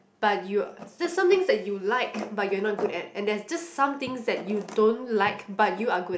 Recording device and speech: boundary microphone, conversation in the same room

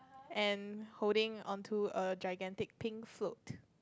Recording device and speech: close-talking microphone, conversation in the same room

